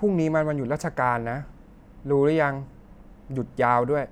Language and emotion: Thai, neutral